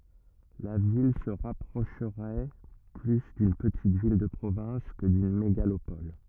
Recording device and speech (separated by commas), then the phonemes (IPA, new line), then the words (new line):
rigid in-ear microphone, read sentence
la vil sə ʁapʁoʃʁɛ ply dyn pətit vil də pʁovɛ̃s kə dyn meɡalopɔl
La ville se rapprocherait plus d'une petite ville de province que d'une mégalopole.